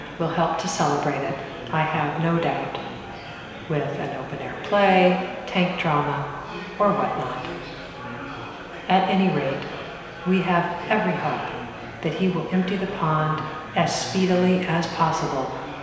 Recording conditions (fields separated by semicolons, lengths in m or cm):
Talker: one person; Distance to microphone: 1.7 m; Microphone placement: close; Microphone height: 1.0 m; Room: very reverberant, large; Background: babble